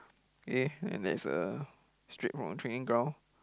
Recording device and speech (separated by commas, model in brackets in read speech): close-talking microphone, conversation in the same room